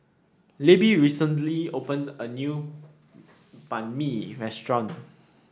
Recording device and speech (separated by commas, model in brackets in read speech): standing microphone (AKG C214), read sentence